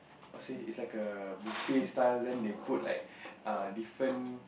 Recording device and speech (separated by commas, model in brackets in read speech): boundary microphone, conversation in the same room